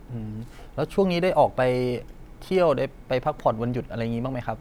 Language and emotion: Thai, neutral